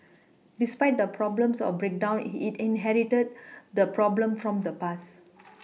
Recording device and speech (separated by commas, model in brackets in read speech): mobile phone (iPhone 6), read sentence